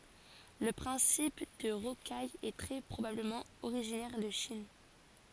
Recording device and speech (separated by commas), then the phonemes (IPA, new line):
forehead accelerometer, read sentence
lə pʁɛ̃sip də ʁokaj ɛ tʁɛ pʁobabləmɑ̃ oʁiʒinɛʁ də ʃin